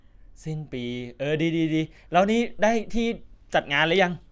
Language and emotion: Thai, happy